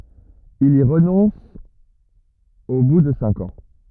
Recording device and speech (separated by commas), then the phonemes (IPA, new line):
rigid in-ear microphone, read sentence
il i ʁənɔ̃s o bu də sɛ̃k ɑ̃